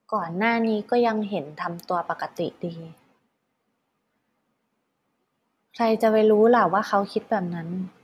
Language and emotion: Thai, sad